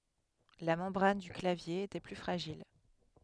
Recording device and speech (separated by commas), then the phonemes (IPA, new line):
headset microphone, read sentence
la mɑ̃bʁan dy klavje etɛ ply fʁaʒil